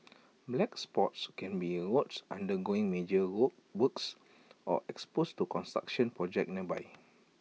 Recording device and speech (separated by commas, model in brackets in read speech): mobile phone (iPhone 6), read sentence